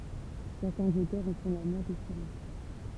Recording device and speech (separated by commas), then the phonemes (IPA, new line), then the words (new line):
temple vibration pickup, read sentence
sɛʁtɛ̃z otœʁz ɑ̃ fɔ̃ la mɛʁ de siʁɛn
Certains auteurs en font la mère des sirènes.